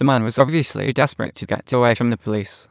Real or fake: fake